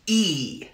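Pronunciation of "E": The sound is a single vowel: the high front vowel, an ee sound.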